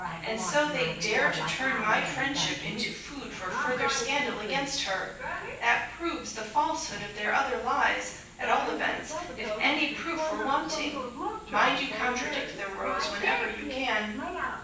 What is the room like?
A large space.